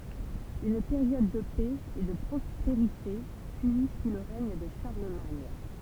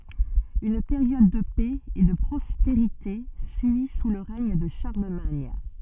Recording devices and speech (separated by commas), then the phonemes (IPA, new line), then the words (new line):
temple vibration pickup, soft in-ear microphone, read sentence
yn peʁjɔd də pɛ e də pʁɔspeʁite syi su lə ʁɛɲ də ʃaʁləmaɲ
Une période de paix et de prospérité suit sous le règne de Charlemagne.